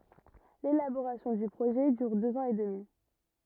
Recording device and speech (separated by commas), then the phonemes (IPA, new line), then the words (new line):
rigid in-ear microphone, read sentence
lelaboʁasjɔ̃ dy pʁoʒɛ dyʁ døz ɑ̃z e dəmi
L’élaboration du projet dure deux ans et demi.